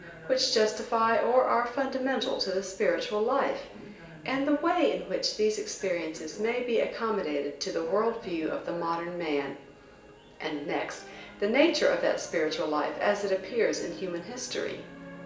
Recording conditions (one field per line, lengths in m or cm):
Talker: one person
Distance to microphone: 1.8 m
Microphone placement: close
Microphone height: 1.0 m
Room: large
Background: television